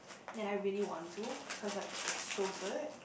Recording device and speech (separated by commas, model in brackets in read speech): boundary microphone, conversation in the same room